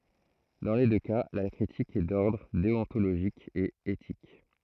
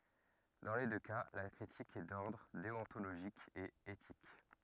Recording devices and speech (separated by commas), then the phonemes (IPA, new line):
throat microphone, rigid in-ear microphone, read sentence
dɑ̃ le dø ka la kʁitik ɛ dɔʁdʁ deɔ̃toloʒik e etik